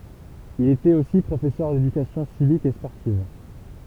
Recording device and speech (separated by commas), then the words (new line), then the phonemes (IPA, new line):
temple vibration pickup, read sentence
Il était aussi professeur d'éducation civique et sportive.
il etɛt osi pʁofɛsœʁ dedykasjɔ̃ sivik e spɔʁtiv